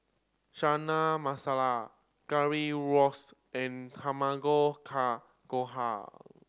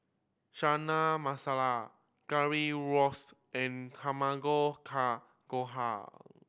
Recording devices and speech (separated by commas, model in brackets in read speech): standing microphone (AKG C214), boundary microphone (BM630), read sentence